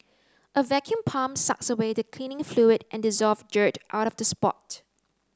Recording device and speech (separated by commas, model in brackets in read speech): close-talking microphone (WH30), read sentence